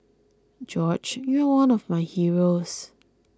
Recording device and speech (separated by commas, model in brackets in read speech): close-talking microphone (WH20), read sentence